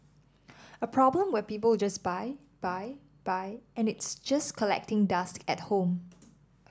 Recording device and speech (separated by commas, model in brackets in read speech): standing microphone (AKG C214), read sentence